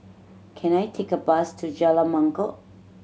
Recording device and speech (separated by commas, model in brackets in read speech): mobile phone (Samsung C7100), read sentence